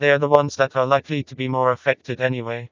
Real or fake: fake